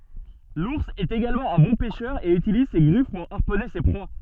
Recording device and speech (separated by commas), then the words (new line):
soft in-ear microphone, read sentence
L'ours est également un bon pêcheur et utilise ses griffes pour harponner ses proies.